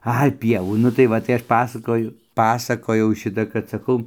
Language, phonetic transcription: Lithuanian, ˈai ˈpievų ˈnu tai ˈva tai ˈaš ˈpasakoju ˈpasakojau ˈšita kad saˈkau

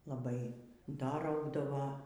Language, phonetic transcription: Lithuanian, laˈbai ˈda ˈraugdavo

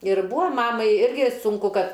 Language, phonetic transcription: Lithuanian, ir ˈbūa ˈmamai ˈirgi sunˈku ˈkad

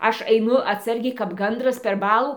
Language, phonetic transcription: Lithuanian, ˈaš aiˈnu atˈsargiai kap ˈgandras per ˈbalų

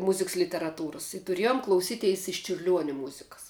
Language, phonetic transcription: Lithuanian, ˈmuziks literaˈtūras i tuˈriejum klauˈsyteis iš čiurˈliuonia ˈmuzikas

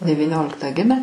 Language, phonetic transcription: Lithuanian, devyˈnioliktą ˈgimę

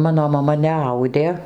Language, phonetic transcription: Lithuanian, ˈmano maˈma neˈaudė

